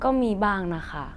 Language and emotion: Thai, neutral